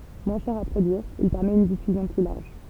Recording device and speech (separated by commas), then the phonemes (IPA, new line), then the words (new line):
temple vibration pickup, read sentence
mwɛ̃ ʃɛʁ a pʁodyiʁ il pɛʁmɛt yn difyzjɔ̃ ply laʁʒ
Moins cher à produire, il permet une diffusion plus large.